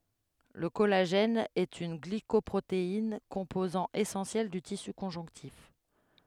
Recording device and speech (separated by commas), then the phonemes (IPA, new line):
headset microphone, read sentence
lə kɔlaʒɛn ɛt yn ɡlikɔpʁotein kɔ̃pozɑ̃ esɑ̃sjɛl dy tisy kɔ̃ʒɔ̃ktif